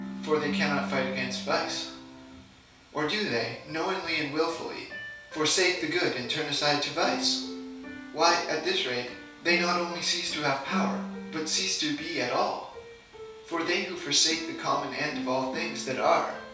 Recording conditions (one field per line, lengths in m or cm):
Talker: one person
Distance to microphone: 3.0 m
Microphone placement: far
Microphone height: 1.8 m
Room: small (3.7 m by 2.7 m)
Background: music